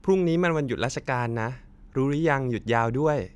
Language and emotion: Thai, happy